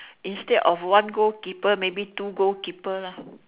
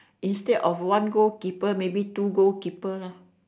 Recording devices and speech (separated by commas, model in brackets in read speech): telephone, standing microphone, conversation in separate rooms